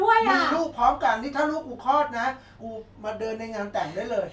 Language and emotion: Thai, happy